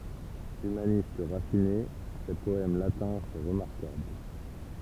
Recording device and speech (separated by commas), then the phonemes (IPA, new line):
temple vibration pickup, read sentence
ymanist ʁafine se pɔɛm latɛ̃ sɔ̃ ʁəmaʁkabl